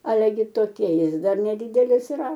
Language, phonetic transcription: Lithuanian, ˈale gi toˈkie ˈjis ˈdar neˈdydelis yˈra

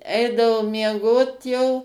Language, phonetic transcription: Lithuanian, ˈeidavo mieˈgot jau

